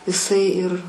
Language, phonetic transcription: Lithuanian, iˈsai ir

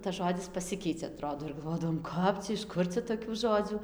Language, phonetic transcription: Lithuanian, tas ˈžodis paˈsikeicia aˈtrodo ir galˈvodavom ˈkap cia iš ˈkur cia ˌtokių ˈžodzių

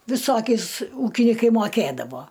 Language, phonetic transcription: Lithuanian, viˈsokiais ˈūkinikai moˈkėdavo

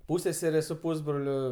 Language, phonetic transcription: Lithuanian, ˈpūsseserė su ˈpūsbroliu

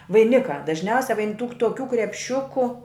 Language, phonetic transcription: Lithuanian, vaiˈnikā dažˈniausia vain tūk toˈkių krepˈšiuku

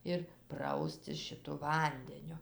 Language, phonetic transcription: Lithuanian, ir ˈpraustis šiˈtu ˈvandeniu

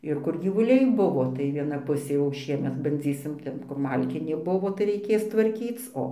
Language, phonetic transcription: Lithuanian, ˈir kur gyvuˈliai ˈbuvo tai ˈviena ˈpusė jau ˈšiemet banˈdzysim ˈten kur ˈmalkinė ˈbuvo tai raiˈkės tvarˈkyc ˈo

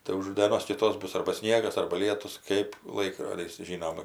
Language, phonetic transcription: Lithuanian, tai už dėˈnos kiˈtos ˈbus arba ˈsniegas arba ˈlietus kɜp ˈlaikrodis ˈžynom

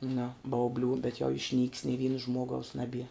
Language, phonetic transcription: Lithuanian, nu bauˈblių bet jau išnyk's ni ˈvyna ˈžmuogaus naˈbie

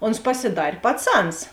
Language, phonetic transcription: Lithuanian, ons pasiˈdar' paˈcans

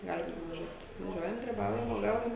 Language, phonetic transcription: Lithuanian, ˈgalim nuvaˈžiuot vaˈžiuojam griˈbaujam uoˈgaujam

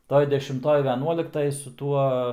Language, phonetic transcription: Lithuanian, ˈtoj dešimˈtoj veˈnuoliktaj su ˈtuo

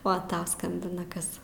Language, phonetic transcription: Lithuanian, ˈo ˈtau ˈskambina ˈkas

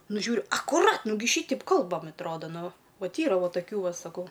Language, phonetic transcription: Lithuanian, ˈnu ˈžiūriu akuˈrat ˈnugi ˈšyteip ˈkalbam atˈroda ˈnu ˈvat ˈyra ˈvo toˈkių ˈva saˈkau

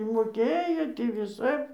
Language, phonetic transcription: Lithuanian, i moˈkėjo tį viˈsap

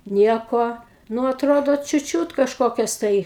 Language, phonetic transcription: Lithuanian, ˈnieko ˈnu atˈrodo čiut ˈčiūt kažˈkokias tai

